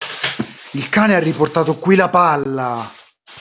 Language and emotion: Italian, angry